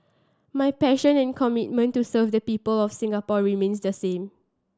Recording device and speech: standing microphone (AKG C214), read sentence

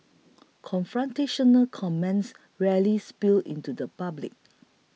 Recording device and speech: mobile phone (iPhone 6), read sentence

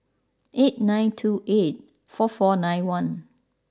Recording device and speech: standing microphone (AKG C214), read sentence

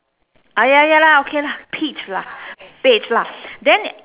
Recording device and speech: telephone, conversation in separate rooms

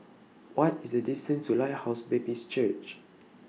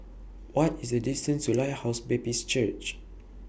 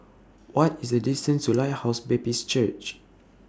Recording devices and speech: mobile phone (iPhone 6), boundary microphone (BM630), standing microphone (AKG C214), read sentence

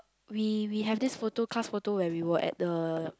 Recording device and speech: close-talking microphone, conversation in the same room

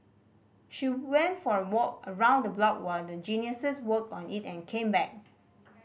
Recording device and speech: boundary microphone (BM630), read sentence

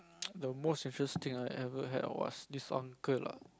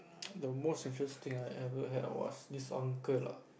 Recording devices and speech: close-talking microphone, boundary microphone, conversation in the same room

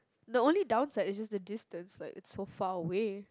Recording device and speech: close-talking microphone, conversation in the same room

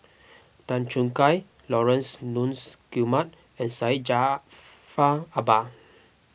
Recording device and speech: boundary microphone (BM630), read sentence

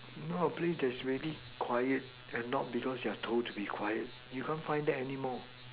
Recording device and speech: telephone, conversation in separate rooms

